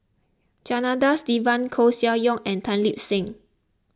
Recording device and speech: close-talking microphone (WH20), read sentence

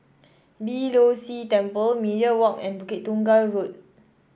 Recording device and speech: boundary microphone (BM630), read sentence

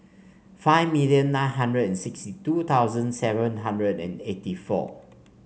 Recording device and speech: mobile phone (Samsung C5), read sentence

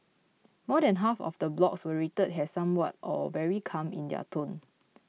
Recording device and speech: mobile phone (iPhone 6), read sentence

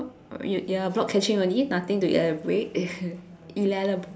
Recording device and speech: standing microphone, conversation in separate rooms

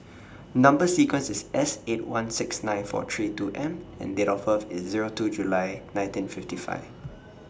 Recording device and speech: standing microphone (AKG C214), read sentence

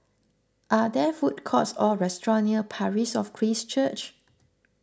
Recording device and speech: close-talking microphone (WH20), read sentence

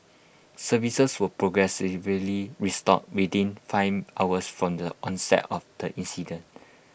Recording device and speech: boundary microphone (BM630), read sentence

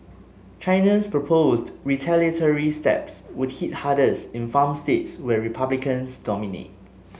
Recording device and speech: mobile phone (Samsung S8), read sentence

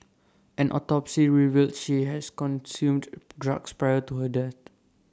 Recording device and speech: standing microphone (AKG C214), read sentence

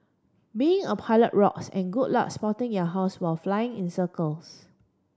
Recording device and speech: standing microphone (AKG C214), read sentence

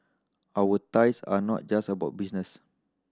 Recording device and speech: standing microphone (AKG C214), read sentence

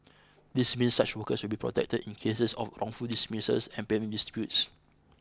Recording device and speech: close-talking microphone (WH20), read sentence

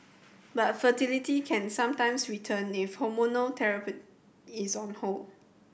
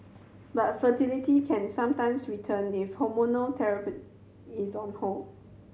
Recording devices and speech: boundary microphone (BM630), mobile phone (Samsung C7100), read sentence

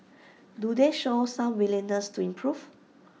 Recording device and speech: mobile phone (iPhone 6), read sentence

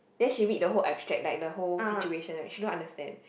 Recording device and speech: boundary microphone, conversation in the same room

